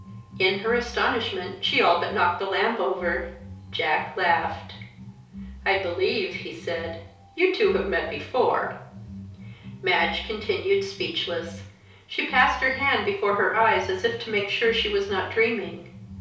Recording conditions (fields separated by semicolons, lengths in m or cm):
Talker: one person; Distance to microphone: 3.0 m; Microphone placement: far; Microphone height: 1.8 m; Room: small (3.7 m by 2.7 m); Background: music